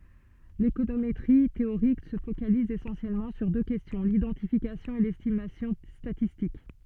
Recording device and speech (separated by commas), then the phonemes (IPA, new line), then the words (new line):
soft in-ear microphone, read sentence
lekonometʁi teoʁik sə fokaliz esɑ̃sjɛlmɑ̃ syʁ dø kɛstjɔ̃ lidɑ̃tifikasjɔ̃ e lɛstimasjɔ̃ statistik
L'économétrie théorique se focalise essentiellement sur deux questions, l'identification et l'estimation statistique.